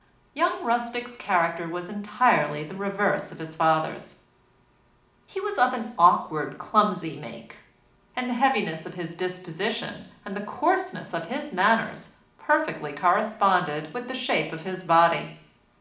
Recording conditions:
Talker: one person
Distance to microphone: 2.0 m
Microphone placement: close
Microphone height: 99 cm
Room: medium-sized (5.7 m by 4.0 m)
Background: none

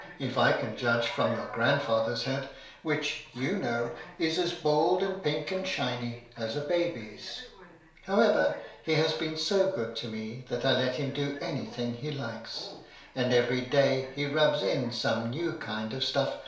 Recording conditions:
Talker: one person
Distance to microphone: 1.0 m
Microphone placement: close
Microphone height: 1.1 m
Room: small (3.7 m by 2.7 m)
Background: television

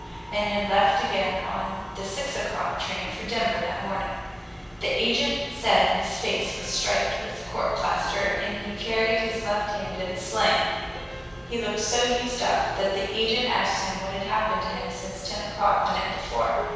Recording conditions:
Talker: one person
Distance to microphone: 7.1 m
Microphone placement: far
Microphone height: 1.7 m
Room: very reverberant, large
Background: music

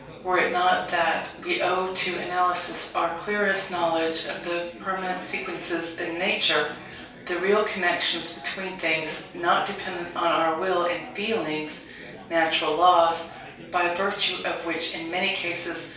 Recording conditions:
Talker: one person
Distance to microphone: 3.0 m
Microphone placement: far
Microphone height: 1.8 m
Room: small (3.7 m by 2.7 m)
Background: babble

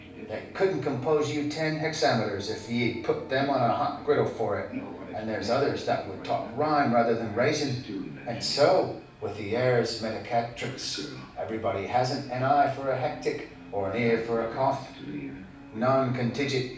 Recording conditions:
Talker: one person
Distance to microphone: 5.8 m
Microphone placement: far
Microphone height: 1.8 m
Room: medium-sized (5.7 m by 4.0 m)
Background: television

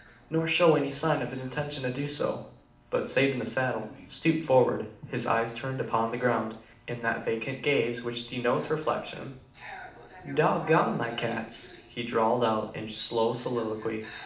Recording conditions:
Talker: one person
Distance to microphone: 2.0 m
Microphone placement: close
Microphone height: 99 cm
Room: medium-sized (5.7 m by 4.0 m)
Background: television

